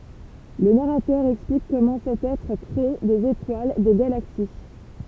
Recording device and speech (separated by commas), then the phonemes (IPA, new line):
temple vibration pickup, read sentence
lə naʁatœʁ ɛksplik kɔmɑ̃ sɛt ɛtʁ kʁe dez etwal de ɡalaksi